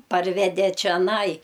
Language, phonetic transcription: Lithuanian, ˈparvede čeˈnai

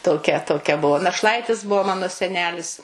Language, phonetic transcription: Lithuanian, toˈkia toˈkia ˈbuvo našˈlaitis ˈbuvo ˈmano seˈnelis

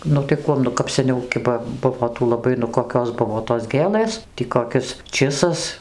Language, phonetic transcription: Lithuanian, ˈnu tai ˈkuom nu kap seˈniau ˈkiba ˈbuvo ˈtų laˈbai nu koˈkios ˈbuvo tos ˈgėlɘs tį koˈkis ˈčisas

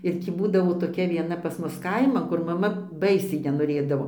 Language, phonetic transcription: Lithuanian, ir ˈtį ˈbūdavo toˈkia vieˈna pas ˈmus ˈkaiman kur maˈma ˈbaisiai nenoˈrėdavo

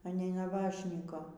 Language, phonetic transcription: Lithuanian, a ˈnei naˈbašnyko

